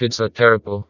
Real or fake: fake